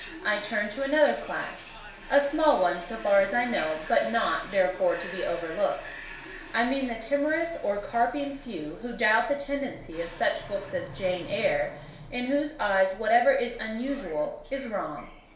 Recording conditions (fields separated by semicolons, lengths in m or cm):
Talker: one person; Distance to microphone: 1.0 m; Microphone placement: close; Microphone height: 1.1 m; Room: small (3.7 m by 2.7 m); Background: television